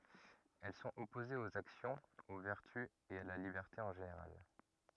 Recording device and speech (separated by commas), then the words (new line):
rigid in-ear microphone, read sentence
Elles sont opposées aux actions, aux vertus et à la liberté en général.